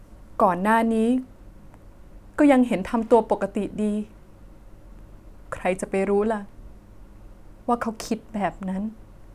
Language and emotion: Thai, sad